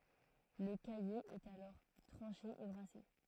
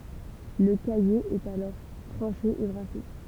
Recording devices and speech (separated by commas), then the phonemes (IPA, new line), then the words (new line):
throat microphone, temple vibration pickup, read sentence
lə kaje ɛt alɔʁ tʁɑ̃ʃe e bʁase
Le caillé est alors tranché et brassé.